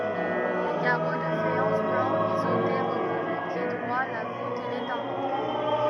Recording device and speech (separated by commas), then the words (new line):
rigid in-ear microphone, read sentence
Les carreaux de faïence blancs biseautés recouvrent les piédroits, la voûte et les tympans.